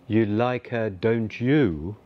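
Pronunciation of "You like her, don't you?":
The intonation goes down on the last words, 'don't you', so although it is a question, it sounds affirmative.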